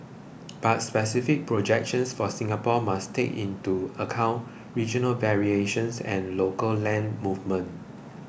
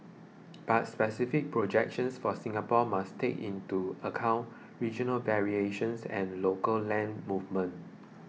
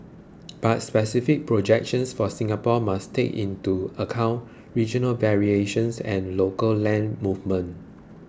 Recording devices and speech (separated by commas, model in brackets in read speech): boundary microphone (BM630), mobile phone (iPhone 6), close-talking microphone (WH20), read sentence